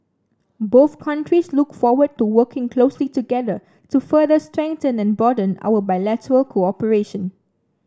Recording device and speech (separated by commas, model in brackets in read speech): standing microphone (AKG C214), read sentence